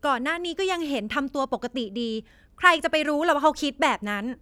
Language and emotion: Thai, frustrated